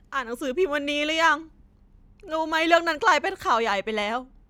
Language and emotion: Thai, sad